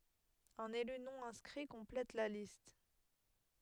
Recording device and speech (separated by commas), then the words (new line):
headset microphone, read sentence
Un élu non-inscrit complète la liste.